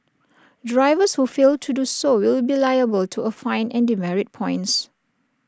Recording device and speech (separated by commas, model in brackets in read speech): standing microphone (AKG C214), read sentence